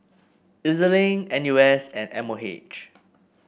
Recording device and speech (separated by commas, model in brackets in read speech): boundary microphone (BM630), read sentence